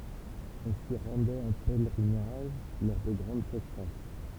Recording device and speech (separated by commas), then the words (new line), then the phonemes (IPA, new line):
temple vibration pickup, read sentence
On s'y rendait en pèlerinage lors de grandes sécheresses.
ɔ̃ si ʁɑ̃dɛt ɑ̃ pɛlʁinaʒ lɔʁ də ɡʁɑ̃d seʃʁɛs